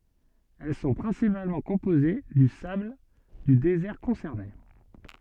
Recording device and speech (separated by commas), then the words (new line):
soft in-ear microphone, read sentence
Elles sont principalement composées du sable du désert concerné.